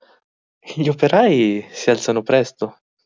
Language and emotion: Italian, happy